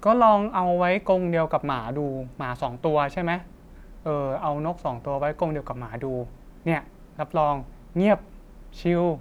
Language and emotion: Thai, neutral